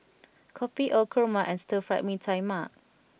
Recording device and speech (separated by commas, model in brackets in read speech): boundary microphone (BM630), read sentence